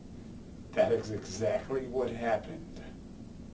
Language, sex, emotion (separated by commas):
English, male, angry